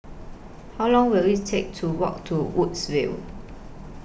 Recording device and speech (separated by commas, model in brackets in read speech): boundary microphone (BM630), read sentence